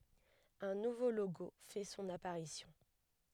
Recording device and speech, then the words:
headset microphone, read sentence
Un nouveau logo fait son apparition.

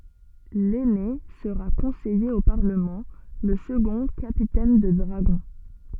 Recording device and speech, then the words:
soft in-ear microphone, read sentence
L’aîné sera conseiller au Parlement, le second capitaine de dragons.

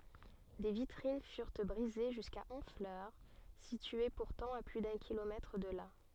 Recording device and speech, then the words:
soft in-ear microphone, read sentence
Des vitrines furent brisées jusqu'à Honfleur, située pourtant à plus d'un kilomètre de là.

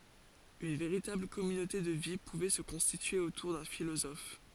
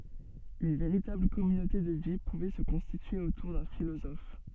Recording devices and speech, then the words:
forehead accelerometer, soft in-ear microphone, read sentence
Une véritable communauté de vie pouvait se constituer autour d'un philosophe.

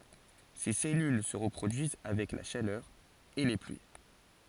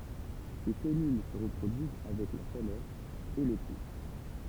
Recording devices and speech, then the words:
forehead accelerometer, temple vibration pickup, read sentence
Ses cellules se reproduisent avec la chaleur et les pluies.

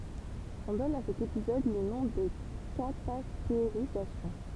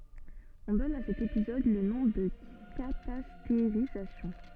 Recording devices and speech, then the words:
temple vibration pickup, soft in-ear microphone, read sentence
On donne à cet épisode le nom de catastérisation.

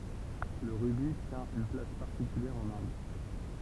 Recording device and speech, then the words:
temple vibration pickup, read sentence
Le rubis tient une place particulière en Inde.

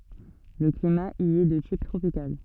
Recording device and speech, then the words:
soft in-ear microphone, read sentence
Le climat y est de type tropical.

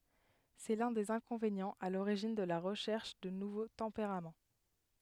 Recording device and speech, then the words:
headset microphone, read sentence
C'est l'un des inconvénients à l'origine de la recherche de nouveaux tempéraments.

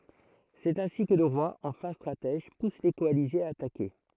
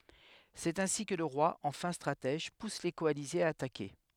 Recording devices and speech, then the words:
throat microphone, headset microphone, read sentence
C’est ainsi que le roi, en fin stratège, pousse les coalisés à attaquer.

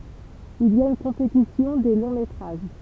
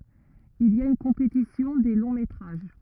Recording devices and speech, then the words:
temple vibration pickup, rigid in-ear microphone, read sentence
Il y a une compétition des longs métrages.

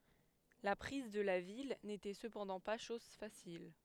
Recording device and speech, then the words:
headset microphone, read sentence
La prise de la ville n’était cependant pas chose facile.

